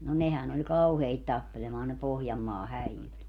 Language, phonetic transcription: Finnish, no 'nehän ‿oĺ "kauheit tappelemaan ne 'Pohjammaa "häijyt .
- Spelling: no nehän oli kauheita tappelemaan ne Pohjanmaan häijyt

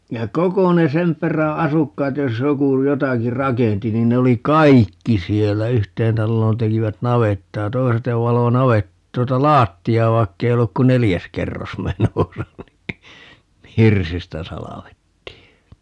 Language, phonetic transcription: Finnish, ja "koko ne "sem p̀erä 'asukkaat 'jos 'joku 'jotaki "rakenti 'nin ne oli "kaikki 'siellä - "yhteen 'talloon 'tekivät "navettaa - 'toi̮set ne 'valo "navet- , 'tuota "laatti₍aa 'vaikkei 'olluk ku "nelijäs 'kerros "menosa ni , "hirsistä 'salavettii .
- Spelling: ja koko ne sen perän asukkaat jos joku jotakin rakensi niin ne oli kaikki siellä yhteen taloon tekivät navettaa toiset ne valoi - tuota lattiaa vaikka ei ollut kuin neljäs kerros menossa niin hirsistä salvettiin

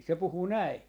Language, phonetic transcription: Finnish, se 'puhu "näi .
- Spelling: se puhui näin

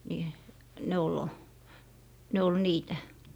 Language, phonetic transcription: Finnish, ni , 'ne ol , 'ne ol 'niitä .
- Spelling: niin ne oli ne oli niitä

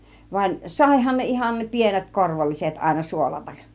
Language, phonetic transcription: Finnish, vaĭn , "sàihan ne ihan 'pienet 'korvolliset àina 'suolatak .
- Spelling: vaan saihan ne ihan pienet korvolliset aina suolata

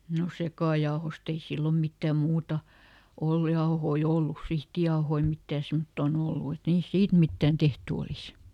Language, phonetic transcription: Finnish, no "sekàjaohost ‿ei ˈsillom ˈmittä̀ ˈmuuta , ˈollᵘ jaohoi "ollus ˈsihtijaohoi ˈmittää semttoo"n ‿ollu et ˈniist "siit mittään ˈtehty olis .
- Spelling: no sekajauhoista ei silloin mitään muuta ollut jauhoja ollut sihtijauhoja mitään semmottoon ollut että niistä siitä mitään tehty olisi

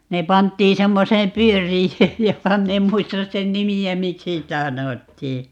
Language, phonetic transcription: Finnish, 'ne 'panttii 'semmoseem "pyör̀ijööj 'joka - 'min ‿em 'muistas 'sen "nimi₍ä "miksi 'sitä "sanottii .
- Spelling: ne pantiin semmoiseen pyöriöön joka minä en muista sen nimeä miksi sitä sanottiin

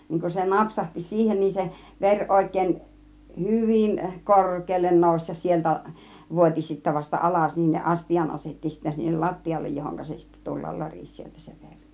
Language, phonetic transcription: Finnish, 'niiŋ kun se "napsahti 'siihen niin 'se , "ver 'òik̆kèin , "hyvin , "kor̆keellen 'nòus ja 'sieltä , 'vuot͕i sittä vasta "alas niin ne "astijan 'asetti sittä 'sinnel "lattijallej 'johoŋka se sittä 'tullal 'loris sieltä se 'veŕ .
- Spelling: niin kun se napsahti siihen niin se veri oikein hyvin korkealle nousi ja sieltä vuoti sitten vasta alas niin ne astian asetti sitten sinne lattialle johonka se sitten tulla lorisi sieltä se veri

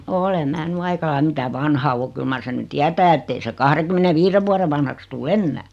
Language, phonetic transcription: Finnish, 'ole mää ny 'aika laim 'mitä "vanha o 'kyl mar sen ny "tiätää ettei se 'kahreᵑkym̆mene'viireᵛ vuare vanhaks 'tuu "ennää .
- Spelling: olen minä nyt aika lailla mitä vanha on kyllä mar sen nyt tietää että ei se kahdenkymmenenviiden vuoden vanhaksi tule enää

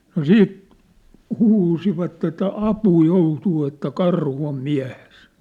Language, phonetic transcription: Finnish, no "siit , 'huusivat ‿että » 'apuu 'joutuu « että » 'karhu om 'miä̭hes ! «
- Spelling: no sitten huusivat että apuun joutuu että karhu on miehessä

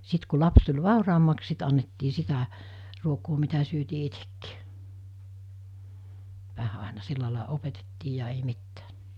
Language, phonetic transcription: Finnish, 'sit ku 'laps tuĺ 'vàuraammaks 'sit annettii 'sitä , ruokoo mitä syötii 'itekkɪɪ , 'vähä àena 'sillalàe 'opetettii ja ei 'mittᴀ̈ᴀ̈ .
- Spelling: sitten kun lapsi tuli vauraammaksi sitten annettiin sitä ruokaa mitä syötiin itsekin vähän aina sillä lailla opetettiin ja ei mitään

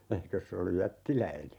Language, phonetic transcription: Finnish, 'eikös se olluj "jättiläine ?
- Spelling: eikös se ollut jättiläinen

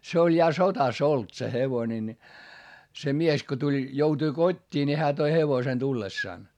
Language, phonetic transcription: Finnish, se oĺ ja sotas ‿olt se hevone ni , se mies ko tuĺ , joutui kot́t́ii ni hää toi hevosen tullessàn .
- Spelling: se oli ja sodassa ollut se hevonen niin se mies kun tuli joutui kotiin niin hän toi hevosen tullessaan

